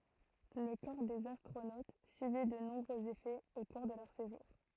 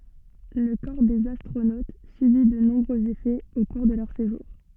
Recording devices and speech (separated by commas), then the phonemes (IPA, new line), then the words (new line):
throat microphone, soft in-ear microphone, read sentence
lə kɔʁ dez astʁonot sybi də nɔ̃bʁøz efɛz o kuʁ də lœʁ seʒuʁ
Le corps des astronautes subit de nombreux effets au cours de leur séjour.